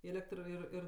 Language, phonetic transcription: Lithuanian, ˈėlektr ir ˈir

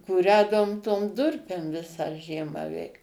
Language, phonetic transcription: Lithuanian, kūˈrędavom tom ˈdurpėm ˈvisą ˈžiemą ˈveik

